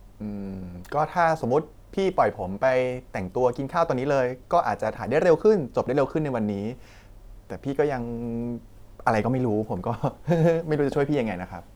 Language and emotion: Thai, frustrated